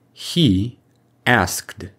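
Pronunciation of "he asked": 'He asked' is said the direct way, with no extra sound added between 'he' and 'asked'.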